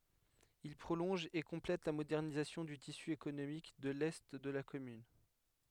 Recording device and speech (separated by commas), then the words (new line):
headset microphone, read sentence
Il prolonge et complète la modernisation du tissu économique de l’est de la commune.